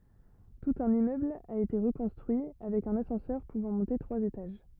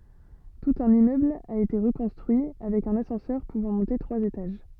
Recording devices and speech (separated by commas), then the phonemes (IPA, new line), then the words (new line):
rigid in-ear microphone, soft in-ear microphone, read sentence
tut œ̃n immøbl a ete ʁəkɔ̃stʁyi avɛk œ̃n asɑ̃sœʁ puvɑ̃ mɔ̃te tʁwaz etaʒ
Tout un immeuble a été reconstruit, avec un ascenseur pouvant monter trois étages.